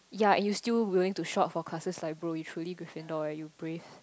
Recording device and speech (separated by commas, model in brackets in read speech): close-talking microphone, conversation in the same room